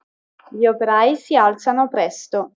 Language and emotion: Italian, neutral